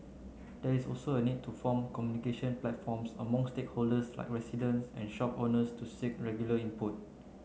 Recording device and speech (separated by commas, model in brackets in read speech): mobile phone (Samsung C9), read sentence